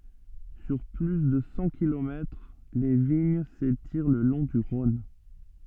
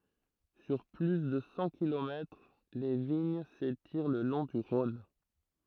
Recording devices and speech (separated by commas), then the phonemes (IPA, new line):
soft in-ear microphone, throat microphone, read sentence
syʁ ply də sɑ̃ kilomɛtʁ le viɲ setiʁ lə lɔ̃ dy ʁɔ̃n